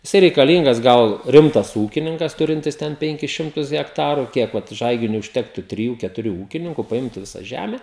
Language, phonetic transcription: Lithuanian, jiˈsai reikaˈlyngas ˈgal ˈrimtas ˈūkininkas ˈturintis ˈten ˈpenkis ˈšimtus hekˈtaru ˈkiek vat ˈžaiginiui užˈtektu triˈjų ketuˈrių ˈūkininku paˈimtu ˈvisa ˈžæme

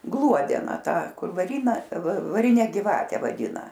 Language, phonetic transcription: Lithuanian, ˈgluodena ˈtą ˈkur vaˈryna vaˈrine giˈvate vaˈdina

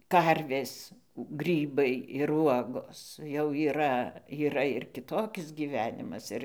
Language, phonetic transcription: Lithuanian, ˈkarvės ˈgrybai ir ˈuogos jau yˈra yˈra ir kiˈtokis gyˈvenimas ˈir

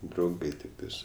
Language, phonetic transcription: Lithuanian, drauˈgai tikˈtais

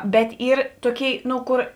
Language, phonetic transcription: Lithuanian, ˈbet ˈyr ˈtoˌkėi ˈnu ˈkor

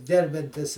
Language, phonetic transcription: Lithuanian, ˈgerbiantis

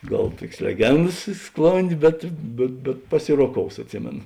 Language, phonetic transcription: Lithuanian, ˈgal ˈtuokės leˈgendas i ˈsklondė ˈbet bet bet paˈsiroˌkous atˈsimėno

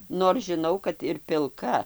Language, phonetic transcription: Lithuanian, nor žiˈnau kad ir pilˈka

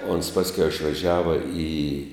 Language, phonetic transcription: Lithuanian, ons ˈpaskiau išvaˈžiava į

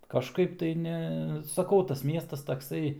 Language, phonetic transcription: Lithuanian, kažˈkaip tai ˈne saˈkau tas ˈmiestas takˈsai

